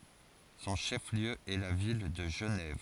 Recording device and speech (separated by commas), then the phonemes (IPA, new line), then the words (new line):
forehead accelerometer, read sentence
sɔ̃ ʃɛf ljø ɛ la vil də ʒənɛv
Son chef-lieu est la ville de Genève.